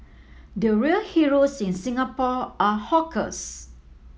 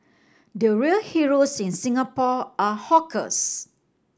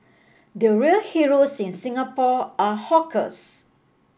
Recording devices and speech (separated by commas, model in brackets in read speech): mobile phone (iPhone 7), standing microphone (AKG C214), boundary microphone (BM630), read sentence